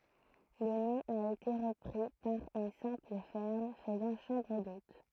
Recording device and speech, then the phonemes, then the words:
throat microphone, read sentence
lə nɔ̃ a ete ʁəpʁi paʁ yn sɛ̃pl fɛʁm fəzɑ̃ ʃɑ̃bʁ dot
Le nom a été repris par une simple ferme faisant chambre d'hôtes.

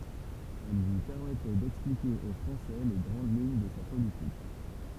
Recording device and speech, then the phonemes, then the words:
temple vibration pickup, read sentence
ɛl lyi pɛʁmɛtɛ dɛksplike o fʁɑ̃sɛ le ɡʁɑ̃d liɲ də sa politik
Elles lui permettaient d'expliquer aux Français les grandes lignes de sa politique.

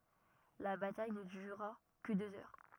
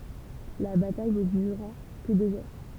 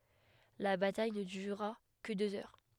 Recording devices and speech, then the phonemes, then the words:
rigid in-ear microphone, temple vibration pickup, headset microphone, read sentence
la bataj nə dyʁa kə døz œʁ
La bataille ne dura que deux heures.

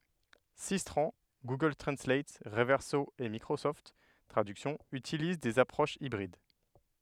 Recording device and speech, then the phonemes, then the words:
headset microphone, read sentence
sistʁɑ̃ ɡuɡœl tʁɑ̃slat ʁəvɛʁso e mikʁosɔft tʁadyksjɔ̃ ytiliz dez apʁoʃz ibʁid
Systran, Google Translate, Reverso et Microsoft Traduction utilisent des approches hybrides.

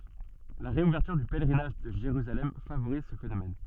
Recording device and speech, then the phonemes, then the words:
soft in-ear microphone, read sentence
la ʁeuvɛʁtyʁ dy pɛlʁinaʒ də ʒeʁyzalɛm favoʁiz sə fenomɛn
La réouverture du pèlerinage de Jérusalem favorise ce phénomène.

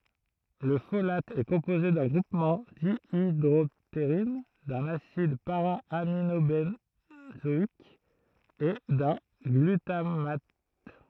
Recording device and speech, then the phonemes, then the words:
throat microphone, read sentence
lə folat ɛ kɔ̃poze dœ̃ ɡʁupmɑ̃ djidʁɔpteʁin dœ̃n asid paʁaaminobɑ̃zɔik e dœ̃ ɡlytamat
Le folate est composé d'un groupement dihydroptérine, d'un acide para-aminobenzoïque et d'un glutamate.

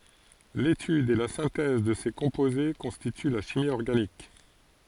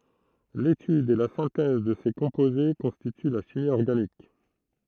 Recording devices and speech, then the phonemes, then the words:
forehead accelerometer, throat microphone, read sentence
letyd e la sɛ̃tɛz də se kɔ̃poze kɔ̃stity la ʃimi ɔʁɡanik
L'étude et la synthèse de ces composés constituent la chimie organique.

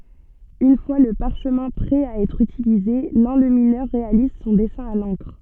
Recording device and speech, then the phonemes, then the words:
soft in-ear microphone, read sentence
yn fwa lə paʁʃmɛ̃ pʁɛ a ɛtʁ ytilize lɑ̃lyminœʁ ʁealiz sɔ̃ dɛsɛ̃ a lɑ̃kʁ
Une fois le parchemin prêt à être utilisé, l'enlumineur réalise son dessin à l'encre.

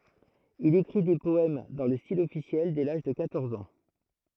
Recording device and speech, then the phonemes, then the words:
throat microphone, read sentence
il ekʁi de pɔɛm dɑ̃ lə stil ɔfisjɛl dɛ laʒ də kwatɔʁz ɑ̃
Il écrit des poèmes dans le style officiel dès l'âge de quatorze ans.

